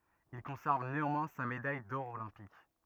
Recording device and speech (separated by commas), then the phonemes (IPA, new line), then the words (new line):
rigid in-ear microphone, read sentence
il kɔ̃sɛʁv neɑ̃mwɛ̃ sa medaj dɔʁ olɛ̃pik
Il conserve néanmoins sa médaille d'or olympique.